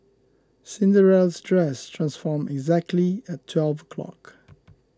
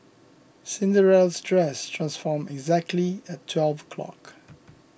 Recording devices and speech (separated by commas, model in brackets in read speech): close-talking microphone (WH20), boundary microphone (BM630), read sentence